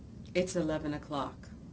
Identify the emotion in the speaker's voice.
neutral